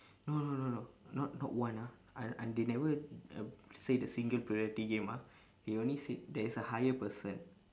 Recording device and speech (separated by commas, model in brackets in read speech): standing microphone, conversation in separate rooms